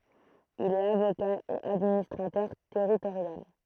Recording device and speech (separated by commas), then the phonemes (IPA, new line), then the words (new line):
throat microphone, read sentence
il ɛt avoka e administʁatœʁ tɛʁitoʁjal
Il est avocat et administrateur territorial.